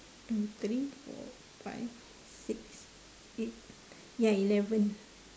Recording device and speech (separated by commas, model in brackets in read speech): standing microphone, conversation in separate rooms